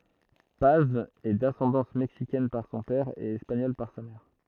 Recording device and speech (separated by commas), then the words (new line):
throat microphone, read sentence
Paz est d'ascendance mexicaine par son père et espagnole par sa mère.